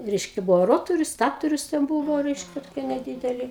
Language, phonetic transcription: Lithuanian, ˈreiškia ˈbuvo ˈrotorius ˈstatorius ten ˈbūvo ˈreiškia toˈkie neˈdydeli

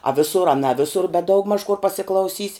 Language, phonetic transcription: Lithuanian, a ˈvisur a na ˈvisur bet ˈdaugmaž kur pasiklauˈsys'

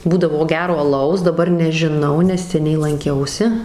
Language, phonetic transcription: Lithuanian, ˈbūdavo ˈgero aˈlaus daˈbar nežiˈnau nes seˈniai lanˈkiausi

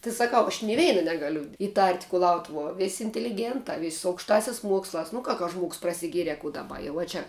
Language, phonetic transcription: Lithuanian, ti saˈkau aš ni ˈveina ˈnegaliu iˈtart' kuˈlautuvuo ˈvis' inteliˈgėntā vis' su aukšˈtāsias ˈmuokslās nu ˈka ka žmuogs prasiˈgiere kų daˈba a ˈjau ˈčia

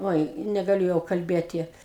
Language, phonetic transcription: Lithuanian, ˈoi negaˈliu jau kalˈbėti

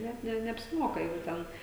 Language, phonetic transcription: Lithuanian, ˈnet ne neapsiˈmoka jau ˈten

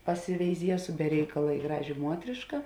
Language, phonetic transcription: Lithuanian, pasiveiˈziesu be ˈreikala i ˈgražė ˈmuotriška

